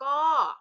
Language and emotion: Thai, neutral